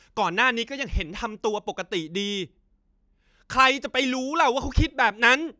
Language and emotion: Thai, angry